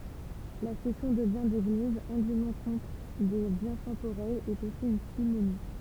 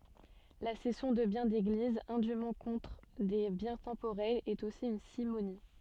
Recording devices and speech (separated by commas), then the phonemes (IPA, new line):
temple vibration pickup, soft in-ear microphone, read sentence
la sɛsjɔ̃ də bjɛ̃ deɡliz ɛ̃dym kɔ̃tʁ de bjɛ̃ tɑ̃poʁɛlz ɛt osi yn simoni